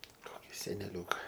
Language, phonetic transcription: Lithuanian, ˈkoki seneˈliūka

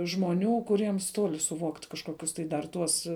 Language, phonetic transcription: Lithuanian, žmoˈnių kuˈriems ˈtoli suˈvokt' kažˈkokius tai dar ˈtuos

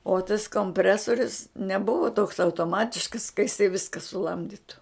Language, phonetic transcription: Lithuanian, o tas komˈpresorius neˈbuvo toks autoˈmatiškas ka jiˈsai ˈviska suˈlamditu

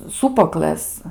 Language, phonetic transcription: Lithuanian, ˈsūpuoklɘs

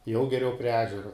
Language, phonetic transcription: Lithuanian, jau geˈriau prie ˈežero

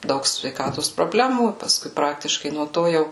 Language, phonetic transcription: Lithuanian, ˈdaug sveiˈkatos proˈblemų paˈskui ˈpraktiškai nuo ˈto ˈjau

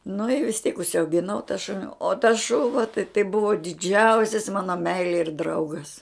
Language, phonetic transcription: Lithuanian, nu i vis tiek užsiaugiˈnau ta ˈšuni o tas ˈšuva tai tai ˈbuvo diˈdžiausis ˈmano ˈmeilė ir ˈdraugas

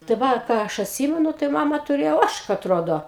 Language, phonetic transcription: Lithuanian, tai ˈva ˈką aš atˈsymenu tai ˈmama tuˈrėjo ˈožka atˈrodo

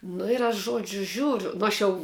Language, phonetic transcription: Lithuanian, ˈnu ir aš ˈžuodžiu ˈžiūriu ˈnu aš jau

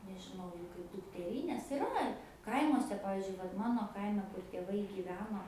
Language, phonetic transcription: Lithuanian, nežiˈnau jau kaip dukteˈrynės iˈra ˈkaimuose ˈpavizdžiui vat ˈmano ˈkaime kur tėˈvai gyˈveno

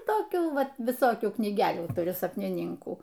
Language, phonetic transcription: Lithuanian, toˈkių ˈvat viˈsokių knyˈgelių tuˈriu sapniˈninkų

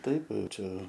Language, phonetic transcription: Lithuanian, ˈtaip ˈčia

